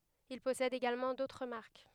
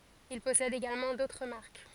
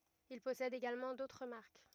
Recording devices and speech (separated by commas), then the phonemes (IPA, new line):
headset microphone, forehead accelerometer, rigid in-ear microphone, read sentence
il pɔsɛd eɡalmɑ̃ dotʁ maʁk